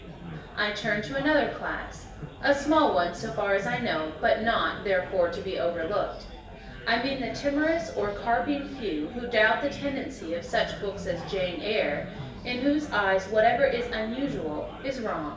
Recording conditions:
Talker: one person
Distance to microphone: 1.8 m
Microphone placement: close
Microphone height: 1.0 m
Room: large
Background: babble

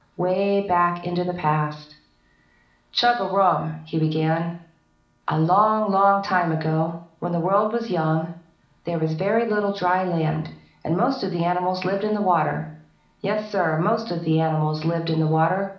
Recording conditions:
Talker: one person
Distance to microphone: 2.0 m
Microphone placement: close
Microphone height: 99 cm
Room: medium-sized (5.7 m by 4.0 m)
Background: none

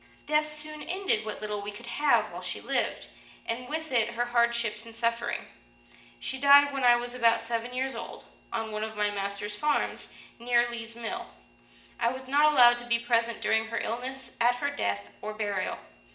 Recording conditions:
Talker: one person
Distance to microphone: 1.8 m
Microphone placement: close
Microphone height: 1.0 m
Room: large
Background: none

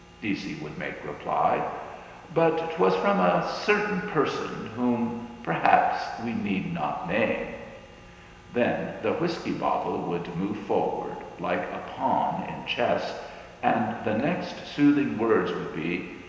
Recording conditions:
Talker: one person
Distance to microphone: 1.7 m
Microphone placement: close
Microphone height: 1.0 m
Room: very reverberant, large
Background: none

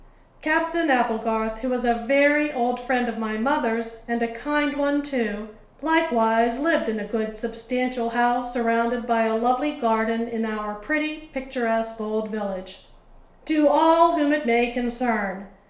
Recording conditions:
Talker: one person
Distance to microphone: 1.0 m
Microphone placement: close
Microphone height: 1.1 m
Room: small (3.7 m by 2.7 m)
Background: none

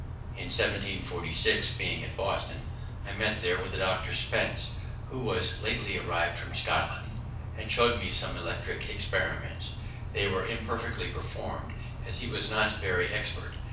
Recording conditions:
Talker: one person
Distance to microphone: 5.8 m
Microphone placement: far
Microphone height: 1.8 m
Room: medium-sized (5.7 m by 4.0 m)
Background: none

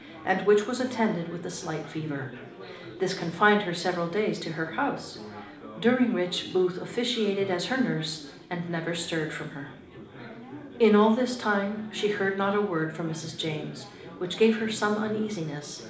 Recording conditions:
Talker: one person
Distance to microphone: 2.0 m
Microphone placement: close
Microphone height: 99 cm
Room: medium-sized (5.7 m by 4.0 m)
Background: babble

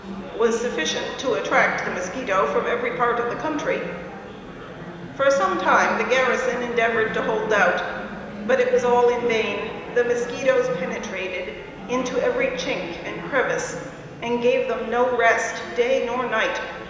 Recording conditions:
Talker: one person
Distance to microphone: 1.7 m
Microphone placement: close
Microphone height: 1.0 m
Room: very reverberant, large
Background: babble

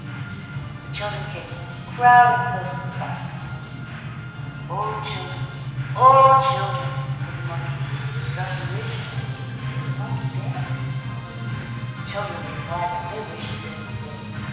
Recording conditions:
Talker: one person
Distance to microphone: 1.7 m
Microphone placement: close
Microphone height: 1.0 m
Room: very reverberant, large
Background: music

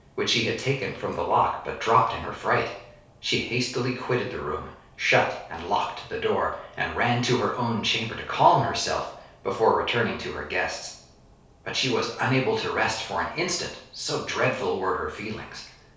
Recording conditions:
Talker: one person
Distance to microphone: 3.0 m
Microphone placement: far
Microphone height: 1.8 m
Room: small (3.7 m by 2.7 m)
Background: none

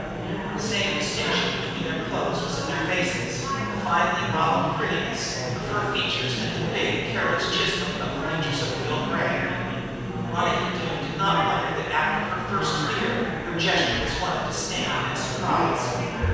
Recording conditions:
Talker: one person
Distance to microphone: 7.1 m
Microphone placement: far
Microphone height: 1.7 m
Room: very reverberant, large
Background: babble

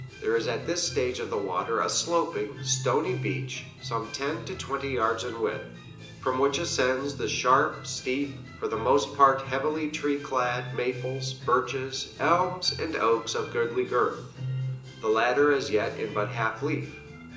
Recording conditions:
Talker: one person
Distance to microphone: 1.8 m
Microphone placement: close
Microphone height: 1.0 m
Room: large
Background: music

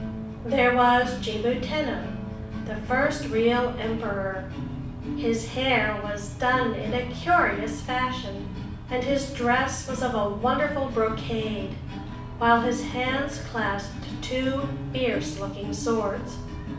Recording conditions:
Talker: one person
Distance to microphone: 5.8 m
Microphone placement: far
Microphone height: 1.8 m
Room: medium-sized (5.7 m by 4.0 m)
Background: music

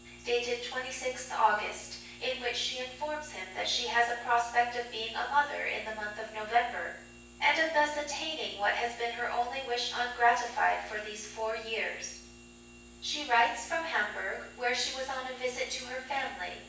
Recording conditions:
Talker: one person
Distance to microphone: 9.8 m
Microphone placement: far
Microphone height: 1.8 m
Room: large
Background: none

